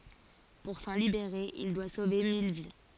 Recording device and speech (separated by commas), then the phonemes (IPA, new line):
forehead accelerometer, read sentence
puʁ sɑ̃ libeʁe il dwa sove mil vi